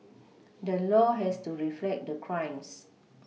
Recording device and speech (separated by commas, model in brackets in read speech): mobile phone (iPhone 6), read sentence